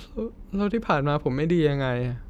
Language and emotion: Thai, sad